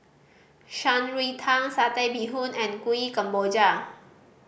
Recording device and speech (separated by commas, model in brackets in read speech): boundary microphone (BM630), read sentence